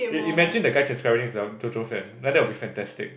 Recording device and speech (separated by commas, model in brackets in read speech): boundary microphone, conversation in the same room